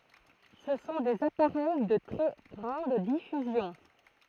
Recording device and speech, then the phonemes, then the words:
throat microphone, read sentence
sə sɔ̃ dez apaʁɛj də tʁɛ ɡʁɑ̃d difyzjɔ̃
Ce sont des appareils de très grande diffusion.

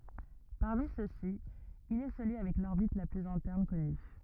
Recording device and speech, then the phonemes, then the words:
rigid in-ear microphone, read sentence
paʁmi søksi il ɛ səlyi avɛk lɔʁbit la plyz ɛ̃tɛʁn kɔny
Parmi ceux-ci, il est celui avec l'orbite la plus interne connue.

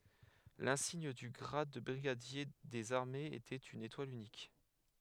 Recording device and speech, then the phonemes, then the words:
headset microphone, read sentence
lɛ̃siɲ dy ɡʁad də bʁiɡadje dez aʁmez etɛt yn etwal ynik
L'insigne du grade de brigadier des armées était une étoile unique.

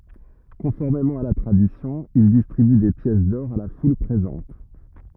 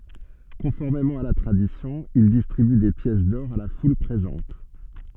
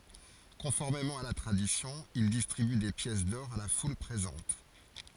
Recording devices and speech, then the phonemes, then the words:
rigid in-ear microphone, soft in-ear microphone, forehead accelerometer, read sentence
kɔ̃fɔʁmemɑ̃ a la tʁadisjɔ̃ il distʁiby de pjɛs dɔʁ a la ful pʁezɑ̃t
Conformément à la tradition, il distribue des pièces d'or à la foule présente.

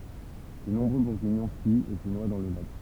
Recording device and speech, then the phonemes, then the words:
temple vibration pickup, read sentence
də nɔ̃bʁø buʁɡiɲɔ̃ fyit e sə nwa dɑ̃ lə lak
De nombreux Bourguignons fuient et se noient dans le lac.

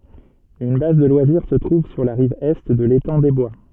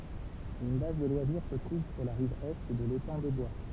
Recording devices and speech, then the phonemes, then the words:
soft in-ear microphone, temple vibration pickup, read sentence
yn baz də lwaziʁ sə tʁuv syʁ la ʁiv ɛ də letɑ̃ de bwa
Une base de loisirs se trouve sur la rive Est de l'étang des Bois.

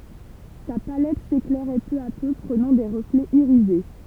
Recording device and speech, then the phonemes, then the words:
temple vibration pickup, read sentence
sa palɛt seklɛʁɛ pø a pø pʁənɑ̃ de ʁəflɛz iʁize
Sa palette s'éclairait peu à peu, prenant des reflets irisés.

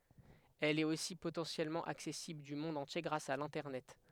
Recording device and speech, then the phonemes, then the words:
headset microphone, read sentence
ɛl ɛt osi potɑ̃sjɛlmɑ̃ aksɛsibl dy mɔ̃d ɑ̃tje ɡʁas a lɛ̃tɛʁnɛt
Elle est aussi potentiellement accessible du monde entier grâce à l'Internet.

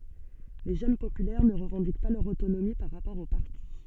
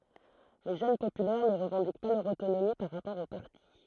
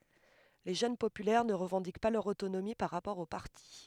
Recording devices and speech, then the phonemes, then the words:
soft in-ear microphone, throat microphone, headset microphone, read sentence
le ʒøn popylɛʁ nə ʁəvɑ̃dik pa lœʁ otonomi paʁ ʁapɔʁ o paʁti
Les Jeunes Populaires ne revendiquent pas leur autonomie par rapport au parti.

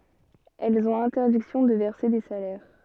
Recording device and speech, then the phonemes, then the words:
soft in-ear microphone, read sentence
ɛlz ɔ̃t ɛ̃tɛʁdiksjɔ̃ də vɛʁse de salɛʁ
Elles ont interdiction de verser des salaires.

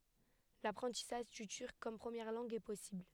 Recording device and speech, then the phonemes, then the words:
headset microphone, read sentence
lapʁɑ̃tisaʒ dy tyʁk kɔm pʁəmjɛʁ lɑ̃ɡ ɛ pɔsibl
L'apprentissage du turc comme première langue est possible.

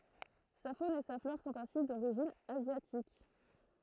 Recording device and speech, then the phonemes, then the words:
throat microphone, read sentence
sa fon e sa flɔʁ sɔ̃t ɛ̃si doʁiʒin azjatik
Sa faune et sa flore sont ainsi d'origine asiatique.

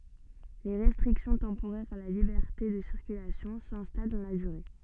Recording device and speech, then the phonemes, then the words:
soft in-ear microphone, read sentence
le ʁɛstʁiksjɔ̃ tɑ̃poʁɛʁz a la libɛʁte də siʁkylasjɔ̃ sɛ̃stal dɑ̃ la dyʁe
Les restrictions temporaires à la liberté de circulation s'installent dans la durée.

